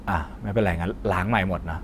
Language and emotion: Thai, neutral